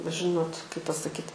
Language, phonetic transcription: Lithuanian, bet ˈžinot kaip pasaˈkyt

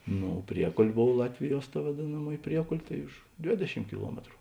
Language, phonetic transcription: Lithuanian, ˈno ˈpriekol' ˈbov ˈlatviˌjuos ta vaˈdėnaˌmuoj ˈpriekol' tai už ˈdvėdeˌšim kiˈluometru

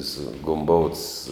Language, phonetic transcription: Lithuanian, su gumˈbouts

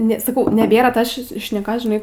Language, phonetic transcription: Lithuanian, ˈne saˈkau neˈbėra ˈtos šis šneˈkos žiˈnai

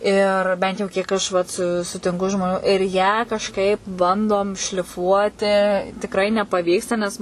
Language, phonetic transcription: Lithuanian, ir ˈbent jau kiek ˈaš vat su sutinˈku žmoˈnių ir ją kažˈkaip ˈbandom šliˈfuoti tikˈrai nepaˈvyksta nes

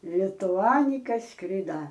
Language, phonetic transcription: Lithuanian, lituˈanika ˈskrida

